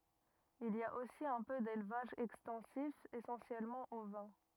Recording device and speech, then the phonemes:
rigid in-ear microphone, read sentence
il i a osi œ̃ pø delvaʒ ɛkstɑ̃sif esɑ̃sjɛlmɑ̃ ovɛ̃

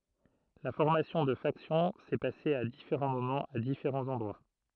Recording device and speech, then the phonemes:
throat microphone, read sentence
la fɔʁmasjɔ̃ də faksjɔ̃ sɛ pase a difeʁɑ̃ momɑ̃z a difeʁɑ̃z ɑ̃dʁwa

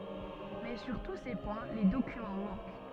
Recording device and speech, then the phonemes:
soft in-ear microphone, read sentence
mɛ syʁ tu se pwɛ̃ le dokymɑ̃ mɑ̃k

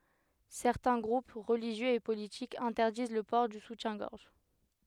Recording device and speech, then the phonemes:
headset microphone, read sentence
sɛʁtɛ̃ ɡʁup ʁəliʒjøz e politikz ɛ̃tɛʁdiz lə pɔʁ dy sutjɛ̃ɡɔʁʒ

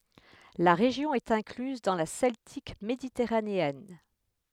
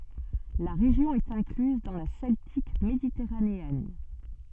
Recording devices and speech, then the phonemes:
headset microphone, soft in-ear microphone, read sentence
la ʁeʒjɔ̃ ɛt ɛ̃klyz dɑ̃ la sɛltik meditɛʁaneɛn

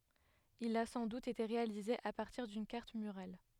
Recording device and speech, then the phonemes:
headset microphone, read sentence
il a sɑ̃ dut ete ʁealize a paʁtiʁ dyn kaʁt myʁal

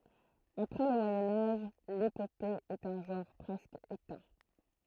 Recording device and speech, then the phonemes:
throat microphone, read sentence
apʁɛ lə mwajɛ̃ aʒ lepope ɛt œ̃ ʒɑ̃ʁ pʁɛskə etɛ̃

